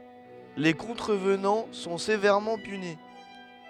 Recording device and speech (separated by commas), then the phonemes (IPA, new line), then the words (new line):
headset microphone, read sentence
le kɔ̃tʁəvnɑ̃ sɔ̃ sevɛʁmɑ̃ pyni
Les contrevenants sont sévèrement punis.